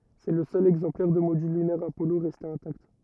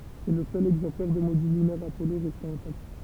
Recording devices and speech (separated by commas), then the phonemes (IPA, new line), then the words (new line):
rigid in-ear microphone, temple vibration pickup, read sentence
sɛ lə sœl ɛɡzɑ̃plɛʁ də modyl lynɛʁ apɔlo ʁɛste ɛ̃takt
C'est le seul exemplaire de module lunaire Apollo resté intact.